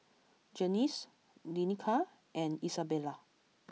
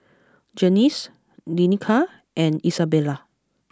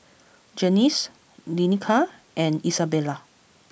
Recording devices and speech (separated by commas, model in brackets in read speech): mobile phone (iPhone 6), close-talking microphone (WH20), boundary microphone (BM630), read sentence